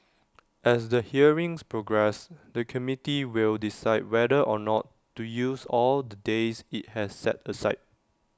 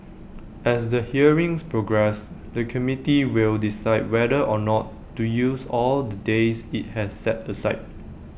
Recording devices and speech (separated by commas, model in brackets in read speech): standing microphone (AKG C214), boundary microphone (BM630), read sentence